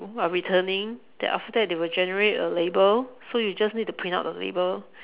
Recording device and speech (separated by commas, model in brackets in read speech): telephone, conversation in separate rooms